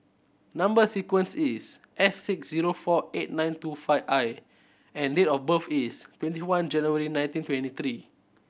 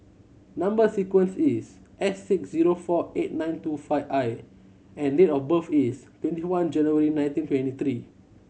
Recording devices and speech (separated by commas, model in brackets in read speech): boundary microphone (BM630), mobile phone (Samsung C7100), read sentence